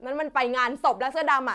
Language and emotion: Thai, frustrated